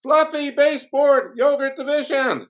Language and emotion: English, surprised